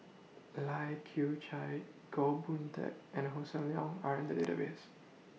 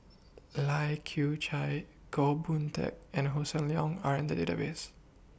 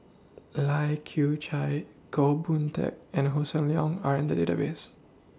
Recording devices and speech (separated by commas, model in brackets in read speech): mobile phone (iPhone 6), boundary microphone (BM630), standing microphone (AKG C214), read sentence